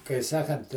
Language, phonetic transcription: Lithuanian, kai ˈsakant

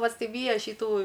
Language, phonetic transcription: Lithuanian, pasiˈvyja šyˈtų

